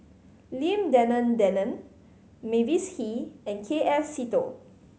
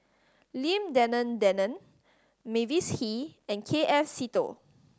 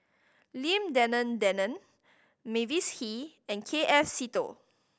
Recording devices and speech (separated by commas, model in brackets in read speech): mobile phone (Samsung C5010), standing microphone (AKG C214), boundary microphone (BM630), read sentence